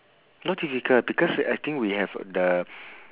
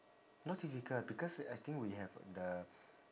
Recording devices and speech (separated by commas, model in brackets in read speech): telephone, standing microphone, conversation in separate rooms